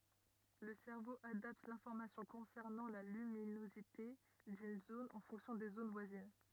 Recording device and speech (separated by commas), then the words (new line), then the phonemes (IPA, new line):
rigid in-ear microphone, read sentence
Le cerveau adapte l'information concernant la luminosité d'une zone en fonction des zones voisines.
lə sɛʁvo adapt lɛ̃fɔʁmasjɔ̃ kɔ̃sɛʁnɑ̃ la lyminozite dyn zon ɑ̃ fɔ̃ksjɔ̃ de zon vwazin